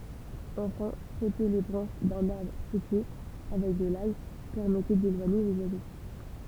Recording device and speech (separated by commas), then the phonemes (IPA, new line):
temple vibration pickup, read sentence
ɑ̃fɛ̃ fʁɔte le bʁɑ̃ʃ dœ̃n aʁbʁ fʁyitje avɛk də laj pɛʁmɛtɛ delwaɲe lez wazo